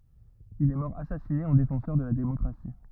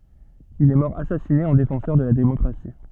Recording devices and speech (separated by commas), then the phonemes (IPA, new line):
rigid in-ear microphone, soft in-ear microphone, read sentence
il ɛ mɔʁ asasine ɑ̃ defɑ̃sœʁ də la demɔkʁasi